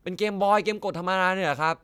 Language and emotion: Thai, neutral